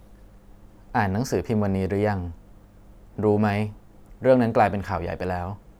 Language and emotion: Thai, neutral